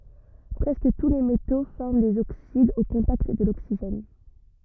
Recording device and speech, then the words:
rigid in-ear microphone, read sentence
Presque tous les métaux forment des oxydes au contact de l'oxygène.

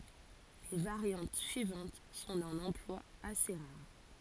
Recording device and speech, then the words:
forehead accelerometer, read sentence
Les variantes suivantes sont d'un emploi assez rare.

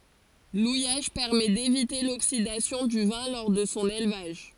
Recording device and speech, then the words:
forehead accelerometer, read sentence
L'ouillage permet d'éviter l'oxydation du vin lors de son élevage.

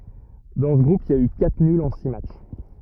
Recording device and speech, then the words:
rigid in-ear microphone, read sentence
Dans ce groupe il y a eu quatre nuls en six matchs.

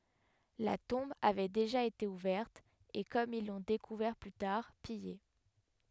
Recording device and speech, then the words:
headset microphone, read sentence
La tombe avait déjà été ouverte et, comme ils l'ont découvert plus tard, pillée.

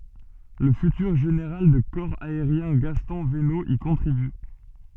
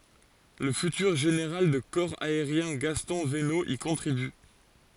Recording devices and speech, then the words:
soft in-ear microphone, forehead accelerometer, read sentence
Le futur général de corps aérien Gaston Venot y contribue.

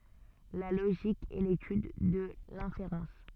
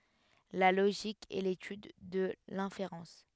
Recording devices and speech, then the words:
soft in-ear microphone, headset microphone, read sentence
La logique est l’étude de l’inférence.

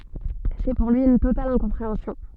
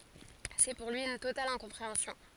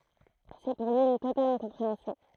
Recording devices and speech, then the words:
soft in-ear microphone, forehead accelerometer, throat microphone, read sentence
C'est pour lui, une totale incompréhension.

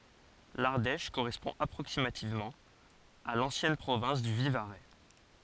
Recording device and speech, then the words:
forehead accelerometer, read sentence
L'Ardèche correspond approximativement à l'ancienne province du Vivarais.

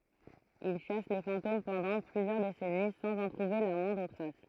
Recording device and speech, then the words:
throat microphone, read sentence
Il chasse les fantômes pendant plusieurs décennies sans en trouver la moindre trace.

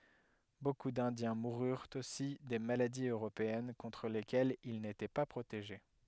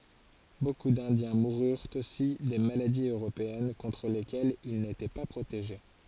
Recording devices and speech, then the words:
headset microphone, forehead accelerometer, read sentence
Beaucoup d'Indiens moururent aussi des maladies européennes contre lesquelles ils n'étaient pas protégés.

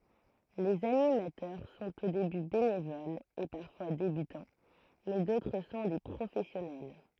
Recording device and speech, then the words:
throat microphone, read sentence
Les animateurs sont au début bénévoles et parfois débutants mais d'autres sont des professionnels.

